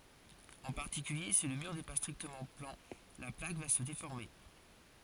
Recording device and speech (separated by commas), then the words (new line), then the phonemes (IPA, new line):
forehead accelerometer, read sentence
En particulier, si le mur n'est pas strictement plan, la plaque va se déformer.
ɑ̃ paʁtikylje si lə myʁ nɛ pa stʁiktəmɑ̃ plɑ̃ la plak va sə defɔʁme